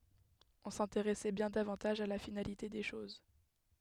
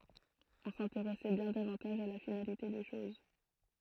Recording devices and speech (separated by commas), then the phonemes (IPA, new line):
headset microphone, throat microphone, read sentence
ɔ̃ sɛ̃teʁɛsɛ bjɛ̃ davɑ̃taʒ a la finalite de ʃoz